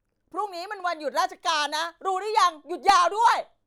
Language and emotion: Thai, angry